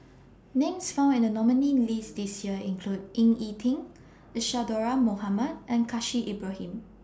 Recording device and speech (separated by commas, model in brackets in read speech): standing microphone (AKG C214), read sentence